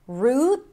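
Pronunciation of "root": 'Route' is pronounced 'root': an R sound, then the tense oo, with a held T at the end, not the ow sound of 'now'.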